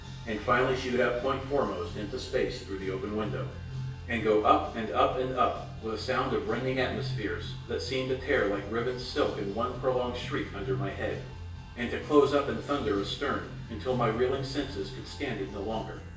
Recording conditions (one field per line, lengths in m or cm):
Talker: one person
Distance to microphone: 1.8 m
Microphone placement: close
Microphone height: 1.0 m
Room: large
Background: music